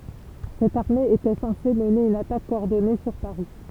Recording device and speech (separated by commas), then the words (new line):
temple vibration pickup, read sentence
Cette armée était censée mener une attaque coordonnée sur Paris.